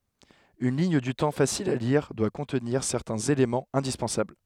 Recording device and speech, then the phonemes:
headset microphone, read sentence
yn liɲ dy tɑ̃ fasil a liʁ dwa kɔ̃tniʁ sɛʁtɛ̃z elemɑ̃z ɛ̃dispɑ̃sabl

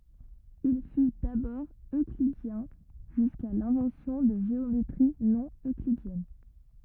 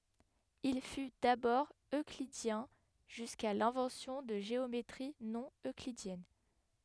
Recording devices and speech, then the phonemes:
rigid in-ear microphone, headset microphone, read sentence
il fy dabɔʁ øklidjɛ̃ ʒyska lɛ̃vɑ̃sjɔ̃ də ʒeometʁi nonøklidjɛn

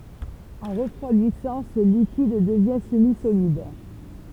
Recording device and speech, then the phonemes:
temple vibration pickup, read sentence
ɑ̃ ʁəfʁwadisɑ̃ sə likid dəvjɛ̃ səmizolid

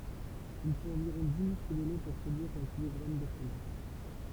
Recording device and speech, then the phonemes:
temple vibration pickup, read sentence
il fot ɑ̃viʁɔ̃ di litʁ də lɛ puʁ pʁodyiʁ œ̃ kilɔɡʁam də fʁomaʒ

